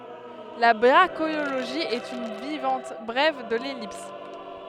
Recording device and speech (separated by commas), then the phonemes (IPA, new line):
headset microphone, read sentence
la bʁaʃiloʒi ɛt yn vaʁjɑ̃t bʁɛv də lɛlips